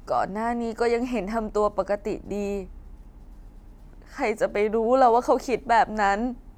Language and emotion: Thai, sad